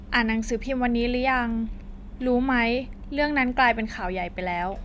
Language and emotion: Thai, neutral